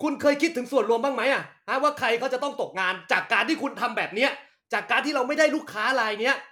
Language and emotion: Thai, angry